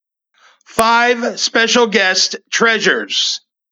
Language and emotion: English, happy